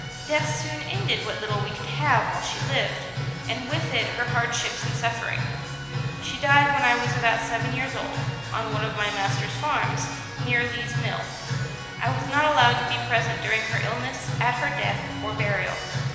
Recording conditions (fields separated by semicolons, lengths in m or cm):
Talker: one person; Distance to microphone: 1.7 m; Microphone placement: close; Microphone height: 1.0 m; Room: very reverberant, large; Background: music